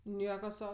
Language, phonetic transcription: Lithuanian, ˈnieka ˈsau

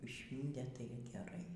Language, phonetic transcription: Lithuanian, ˈšvyntė ˈtai geˈrai

